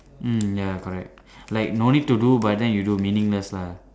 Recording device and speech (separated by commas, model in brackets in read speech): standing microphone, conversation in separate rooms